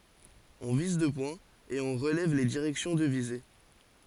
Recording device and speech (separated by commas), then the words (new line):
forehead accelerometer, read sentence
On vise deux points, et on relève les directions de visée.